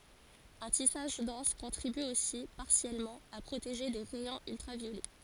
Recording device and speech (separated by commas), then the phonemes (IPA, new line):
forehead accelerometer, read sentence
œ̃ tisaʒ dɑ̃s kɔ̃tʁiby osi paʁsjɛlmɑ̃ a pʁoteʒe de ʁɛjɔ̃z yltʁavjolɛ